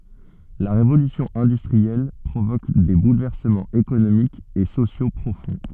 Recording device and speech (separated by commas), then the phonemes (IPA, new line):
soft in-ear microphone, read sentence
la ʁevolysjɔ̃ ɛ̃dystʁiɛl pʁovok de bulvɛʁsəmɑ̃z ekonomikz e sosjo pʁofɔ̃